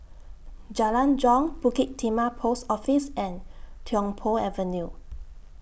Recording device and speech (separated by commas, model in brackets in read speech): boundary microphone (BM630), read sentence